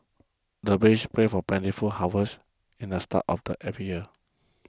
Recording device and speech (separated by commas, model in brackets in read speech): close-talking microphone (WH20), read sentence